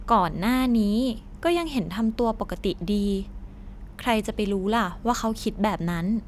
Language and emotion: Thai, neutral